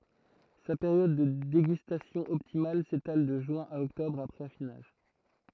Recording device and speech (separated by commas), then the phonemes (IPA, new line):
throat microphone, read sentence
sa peʁjɔd də deɡystasjɔ̃ ɔptimal setal də ʒyɛ̃ a ɔktɔbʁ apʁɛz afinaʒ